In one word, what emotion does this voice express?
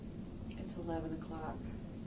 neutral